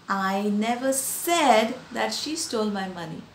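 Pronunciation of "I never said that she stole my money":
The stress in the sentence falls on 'said', the third word.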